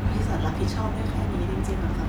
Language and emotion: Thai, sad